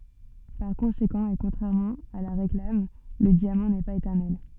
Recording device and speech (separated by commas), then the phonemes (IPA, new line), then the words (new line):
soft in-ear microphone, read sentence
paʁ kɔ̃sekɑ̃ e kɔ̃tʁɛʁmɑ̃ a la ʁeklam lə djamɑ̃ nɛ paz etɛʁnɛl
Par conséquent et contrairement à la réclame, le diamant n'est pas éternel.